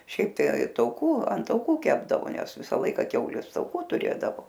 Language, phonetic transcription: Lithuanian, ˈšiaip tai tauˈkų an tauˈkų ˈkepdavo ˈnes ˈvisa ˈlaika ˈkiaulės tauˈkų tuˈrėdavo

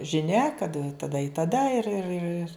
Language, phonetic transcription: Lithuanian, žiˈnia kad taˈda i taˈda ir ir ir

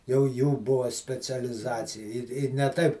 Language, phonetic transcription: Lithuanian, jau ˈjų ˈbua specialiˈzacija ˈir ˈir ne ˈtaip

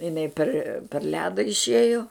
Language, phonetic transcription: Lithuanian, iˈnai per per ˈleda išˈėjo

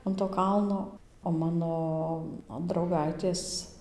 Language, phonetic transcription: Lithuanian, an to ˈkalno o ˈmano drauˈgaitės

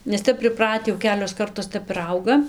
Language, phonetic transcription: Lithuanian, nes ˈtep priˈprati jau ˈkelios ˈkartos ˈtep ir ˈauga

